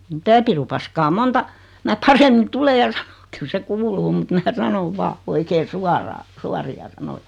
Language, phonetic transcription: Finnish, mitä 'pirupaskaa "monta , mä 'paremmin "tule ja "sᴀɴᴏk kyl se 'kuuluu mut mää "sanov "vaa , 'oikee "suaraa , "suari₍a "sanojᴀ .
- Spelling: mitä pirupaskaa monta minä paremmin tule ja sano kyllä se kuuluu mutta minä sanon vain oikein suoraan suoria sanoja

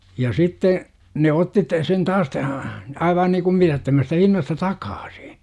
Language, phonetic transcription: Finnish, ja 'sitte , 'ne otti t - sen 'taas tä(hä) , 'aivaa niikum mitättömästä hinnasta "takAAsI .
- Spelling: ja sitten ne otti - sen taas tähän aivan niin kuin mitättömästä hinnasta takaisin

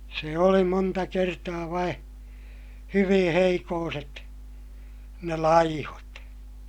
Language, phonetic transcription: Finnish, se oli monta kertaa vaiḭ , hyviḭ heikooset , ne laihot .
- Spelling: se oli monta kertaa vain hyvin heikkoiset ne laihot

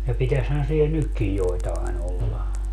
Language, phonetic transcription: Finnish, ja 'pitäshän sie "nykkij 'joitaen ‿olla .
- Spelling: ja pitäisihän siellä nytkin joitain olla

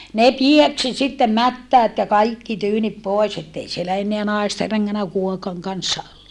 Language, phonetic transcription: Finnish, ne pieksi sittem mättäät ja kaiki tyynip pòes ettei sielä enneä naeste reŋŋänä kuokaŋ kanssa ,.
- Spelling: ne pieksi sitten mättäät ja kaikki tyynni pois että ei siellä enää naisten rengännyt kuokan kanssa

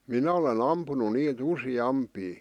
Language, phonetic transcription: Finnish, 'minä ole'n ‿ampunu 'niit "usi'ampii .
- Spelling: minä olen ampunut niitä useampia

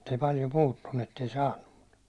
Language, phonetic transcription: Finnish, [mu]t ‿ei paljo 'puuttunnu ettei 'saannu ᴍᴜt .
- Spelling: mutta ei paljon puuttunut että ei saanut mutta

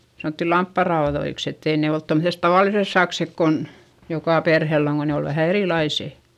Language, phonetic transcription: Finnish, sanòtti lampparaoδoiks ettei ne olt tomset tavàlises saksek kon , jokà perhell ‿oŋ ko ne ol vähä erìlaisè .
- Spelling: sanottiin lampaanraudoiksi että ei ne ollut tuommoiset tavalliset sakset kun joka perheellä on kun ne oli vähän erilaiset

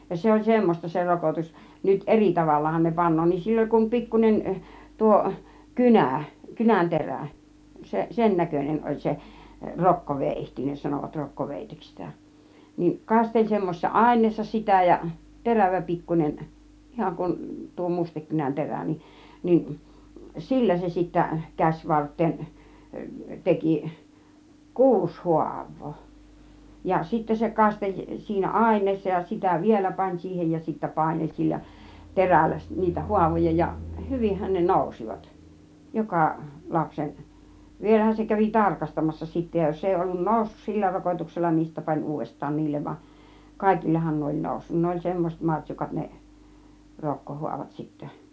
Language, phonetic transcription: Finnish, ja 'se oĺ "semmos͕ta se 'rokotus , nyt "ˀeri 'tavallahan ne 'pan̆noo nin 'sill ‿oĺ kum "pikkun͕en , 'tuo , "kynä̀ , "kynänterä̀ seˀ , 'sennäkön͕en oĺ 'se , 'rokkovèihti 'ne sanòvat 'rokko 'vèiteks sitä , niŋ 'kasteĺ semmosessa "àin̆neessa 'sitä ja , "terävä 'pikkun͕en , 'ihaŋ kun , tuo 'mustekkynän 'terä nin , nin "sillä se sittä 'käśvartteen , 'teki , "kuus 'huav̆voo , ja 'sittä se 'kasteĺ 'siinä "àin̆neessa ja , sitä "vielä 'pań 'siihej ja sittä 'pàinel sillä , "terällä s- 'niitä "huavoja ja , "hyvihhän ne "nòusivat , 'joka , 'lapsen , 'vielähän se kävi "tarkastamassa sittä ja 'jos èi ollun "nòussus "sillä 'rokotuksella nin , 'sittä pan "uuvvest̆taan 'niillev vaˀ , "kàikillehan 'ne oĺ 'nòussun 'ne oĺ "semmoset 'maŕt́śukat ne , 'rokkohuavat sittä .
- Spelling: ja se oli semmoista se rokotus nyt eri tavallahan ne panee niin sillä oli kuin pikkuinen tuo kynä kynänterä se sennäköinen oli se rokkoveitsi ne sanoivat - rokkoveitseksi sitä niin kasteli semmoisessa aineessa sitä ja terävä pikkuinen ihan kuin tuo mustekynän terä niin niin sillä se sitten käsivarteen teki kuusi haavaa ja sitten se kasteli siinä aineessa ja sitä vielä pani siihen ja sitten paineli sillä terällä - niitä haavoja ja hyvinhän ne nousivat joka lapsen vielähän se kävi tarkastamassa sitten ja jos ei ollut noussut sillä rokotuksella niin sitten pani uudestaan niille vaan kaikillehan ne oli noussut ne oli semmoiset martsukat ne rokkohaavat sitten

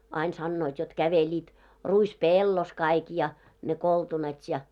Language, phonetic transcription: Finnish, ain sannoit jot 'käveĺiit , 'ruis"pèllos kaik ja , ne 'koltunat ja .
- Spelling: aina sanoivat jotta kävelivät ruispellossa kaikki ja ne koltunat ja

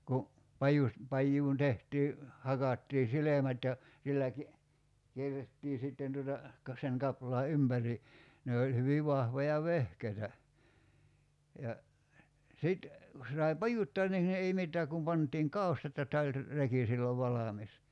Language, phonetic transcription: Finnish, ku , 'pajus- , 'pajjuun 'tehtii , 'hakattii "silemät ja , 'sillä ki- , 'kierrettii 'sitten tuota , ka- , seŋ 'kaplaa "ympäri , 'ne oĺ hyvi 'vahvoja "vehkeitä , ja , 'sit , ku se sai "pajuttoan niŋ , 'ei 'mittää kum 'pant̀iiŋ "kau̬stat ja 'tä oĺ , 'reki sillov 'valamis .
- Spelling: kun - pajuun tehtiin hakattiin silmät ja sillä - kierrettiin sitten tuota - sen kaplaan ympäri ne oli hyvin vahvoja vehkeitä ja sitten kun se sai pajuttaa niin ei mitään kun pantiin kaustat ja että oli reki silloin valmis

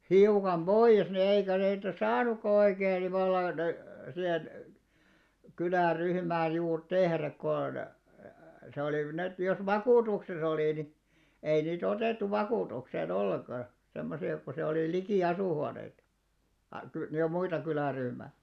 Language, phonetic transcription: Finnish, 'hiukam "ʙoiʲes ne eikä 'niitä "saanukka oikee ni vallan , 'sihen , 'kylä̀'ryhmäj̆ juur "tehräk kon , se 'olìv- ni₍et jos "vakùtukses ‿olì ni , 'ei nii't ‿otèttu 'vakùtuksee'n ‿olieŋɢa , 'semmosi₍a ko se olì "likì 'asùhuaneitᴀ , a- ky- ni ja 'muita 'kylä̀ryhmä̀ .
- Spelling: hiukan pois ne eikä niitä saanutkaan oikein niin vallan siihen kyläryhmään juuri tehdä kun se oli niin että jos vakuutuksessa oli niin ei niitä otettu vakuutukseen ollenkaan semmoisia kun se oli liki asuinhuoneita - - niin ja muita kyläryhmiä

